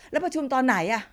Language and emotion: Thai, frustrated